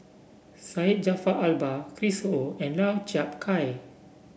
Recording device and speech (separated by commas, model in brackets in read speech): boundary microphone (BM630), read sentence